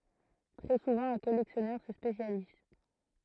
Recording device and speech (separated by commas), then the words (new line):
throat microphone, read sentence
Très souvent, un collectionneur se spécialise.